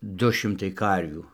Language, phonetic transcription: Lithuanian, ˈdu ˈšimtai ˈkarvių

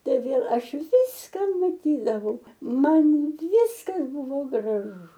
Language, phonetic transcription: Lithuanian, ˈtai vėl ˈaš ˈviska maˈtydavau ˈman ˈviskas ˈbuvo graˈžu

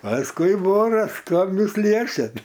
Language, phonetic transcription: Lithuanian, pasˈkui ˈboras ˈkam ˈjūs ˈliečiat

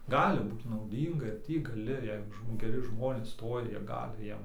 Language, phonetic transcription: Lithuanian, ˈgali ˈbūt nauˈdynga ir ˈtį gaˈli ˈjeigu žmo geˈri ˈžmonės ˈstoja ˈjie ˈgali ˈjiem

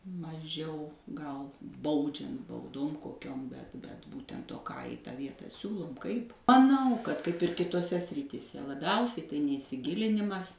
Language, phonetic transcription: Lithuanian, maˈžiau gal ˈbaudžiant bauˈdom koˈkiom bet bet ˈbūtent o ką i tą ˈvietą ˈsiūlum ˈkaip maˈnau kad kaip ir kitoˈse srityˈse laˈbiausiai tai neisiˈgilinimas

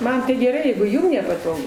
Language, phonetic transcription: Lithuanian, ˈman tai geˈrai jeigu ˈjūm nepaˈtogu

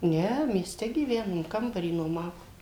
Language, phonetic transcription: Lithuanian, ˈne mieˈste gyˈvenom ˈkambarį nuoˈmavo

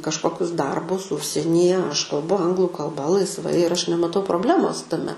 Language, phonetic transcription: Lithuanian, kažˈkokius ˈdarbus ˈužsienyje aš kalˈbu ˈanglu kalˈba laisˈvai ir ˈaš nemaˈtau probˈlemos taˈme

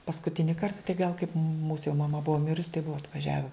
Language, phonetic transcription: Lithuanian, paskuˈtini ˈkarta tai gal kaip mūs jau maˈma ˈbua ˈmirus tai ˈbua atvaˈžiave

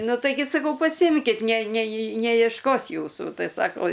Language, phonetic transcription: Lithuanian, ˈnu taiˈgi saˈkau paˈsimkit ne neji nejiešˈkos ˈjūsų ˈtai ˈsako

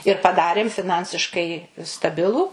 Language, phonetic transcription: Lithuanian, ir paˈdarėm fiˈnansiškai staˈbilų

